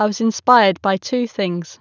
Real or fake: real